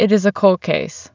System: none